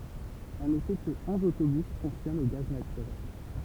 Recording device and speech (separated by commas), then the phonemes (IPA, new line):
temple vibration pickup, read sentence
a note kə ɔ̃z otobys fɔ̃ksjɔnt o ɡaz natyʁɛl